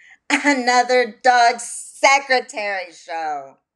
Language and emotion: English, disgusted